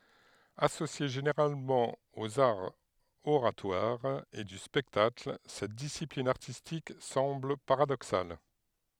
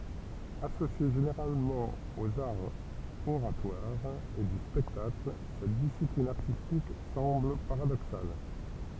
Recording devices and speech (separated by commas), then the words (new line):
headset microphone, temple vibration pickup, read sentence
Associée généralement aux arts oratoires et du spectacle, cette discipline artistique semble paradoxale.